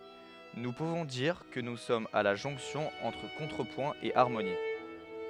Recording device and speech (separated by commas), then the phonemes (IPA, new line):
headset microphone, read sentence
nu puvɔ̃ diʁ kə nu sɔmz a la ʒɔ̃ksjɔ̃ ɑ̃tʁ kɔ̃tʁəpwɛ̃ e aʁmoni